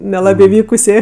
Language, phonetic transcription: Lithuanian, neˈlabė ˈvykusė

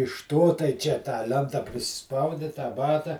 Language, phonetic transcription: Lithuanian, iš ˈto tai ˈčia tą ˈlenta priˈsispaudi tą ˈbata

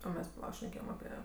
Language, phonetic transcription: Lithuanian, o ˈmes paˈla šneˈkėjem aˈpie

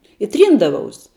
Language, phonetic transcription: Lithuanian, i ˈtryndavaus

